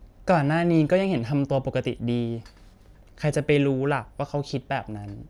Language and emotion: Thai, frustrated